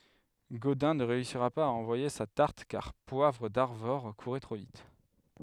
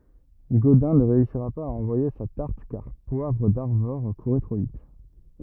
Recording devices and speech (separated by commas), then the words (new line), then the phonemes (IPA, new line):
headset microphone, rigid in-ear microphone, read sentence
Godin ne réussira pas à envoyer sa tarte car Poivre d'Arvor courait trop vite.
ɡodɛ̃ nə ʁeysiʁa paz a ɑ̃vwaje sa taʁt kaʁ pwavʁ daʁvɔʁ kuʁɛ tʁo vit